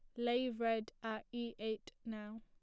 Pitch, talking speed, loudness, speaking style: 225 Hz, 165 wpm, -41 LUFS, plain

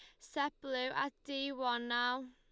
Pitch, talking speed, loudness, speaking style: 255 Hz, 170 wpm, -37 LUFS, Lombard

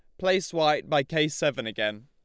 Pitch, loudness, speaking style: 150 Hz, -26 LUFS, Lombard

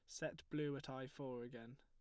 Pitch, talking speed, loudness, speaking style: 130 Hz, 225 wpm, -48 LUFS, plain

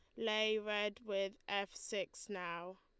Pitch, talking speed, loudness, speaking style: 200 Hz, 140 wpm, -40 LUFS, Lombard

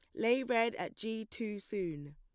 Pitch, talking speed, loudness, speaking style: 220 Hz, 185 wpm, -36 LUFS, plain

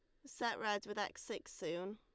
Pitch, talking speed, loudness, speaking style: 210 Hz, 210 wpm, -42 LUFS, Lombard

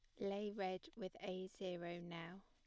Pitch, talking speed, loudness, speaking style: 185 Hz, 160 wpm, -48 LUFS, plain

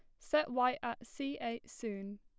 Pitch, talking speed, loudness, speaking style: 240 Hz, 180 wpm, -37 LUFS, plain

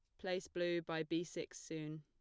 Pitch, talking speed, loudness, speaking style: 165 Hz, 200 wpm, -42 LUFS, plain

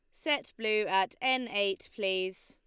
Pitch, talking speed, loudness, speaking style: 205 Hz, 160 wpm, -30 LUFS, Lombard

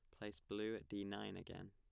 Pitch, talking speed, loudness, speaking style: 105 Hz, 240 wpm, -48 LUFS, plain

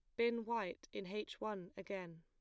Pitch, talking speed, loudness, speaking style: 200 Hz, 180 wpm, -43 LUFS, plain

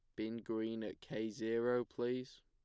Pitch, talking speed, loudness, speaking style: 115 Hz, 160 wpm, -40 LUFS, plain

